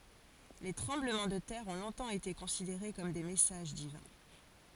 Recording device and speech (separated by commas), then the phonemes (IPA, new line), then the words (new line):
forehead accelerometer, read sentence
le tʁɑ̃bləmɑ̃ də tɛʁ ɔ̃ lɔ̃tɑ̃ ete kɔ̃sideʁe kɔm de mɛsaʒ divɛ̃
Les tremblements de terre ont longtemps été considérés comme des messages divins.